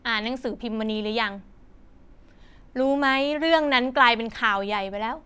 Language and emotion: Thai, frustrated